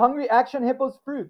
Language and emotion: English, fearful